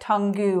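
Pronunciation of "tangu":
The word 'tongue' is pronounced incorrectly here, as 'tangu'.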